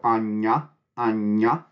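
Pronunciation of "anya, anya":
Each 'anya' is said with a palatal nasal, the sound in the middle of the word.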